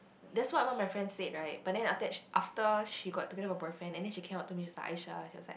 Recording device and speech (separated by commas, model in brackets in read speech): boundary microphone, conversation in the same room